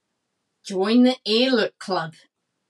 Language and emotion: English, disgusted